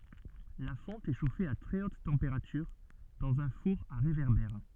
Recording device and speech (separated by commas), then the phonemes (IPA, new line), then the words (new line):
soft in-ear microphone, read sentence
la fɔ̃t ɛ ʃofe a tʁɛ ot tɑ̃peʁatyʁ dɑ̃z œ̃ fuʁ a ʁevɛʁbɛʁ
La fonte est chauffée à très haute température dans un four à réverbère.